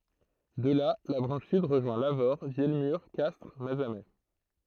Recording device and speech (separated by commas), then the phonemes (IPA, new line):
throat microphone, read sentence
də la la bʁɑ̃ʃ syd ʁəʒwɛ̃ lavoʁ vjɛlmyʁ kastʁ mazamɛ